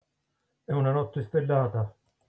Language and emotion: Italian, neutral